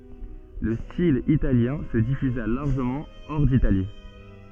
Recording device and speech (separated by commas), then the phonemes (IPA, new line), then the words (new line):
soft in-ear microphone, read sentence
lə stil italjɛ̃ sə difyza laʁʒəmɑ̃ ɔʁ ditali
Le style italien se diffusa largement hors d’Italie.